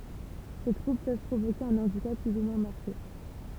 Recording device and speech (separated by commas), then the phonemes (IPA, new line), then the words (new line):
temple vibration pickup, read sentence
se tʁubl pøv pʁovoke œ̃ ɑ̃dikap ply u mwɛ̃ maʁke
Ces troubles peuvent provoquer un handicap plus ou moins marqué.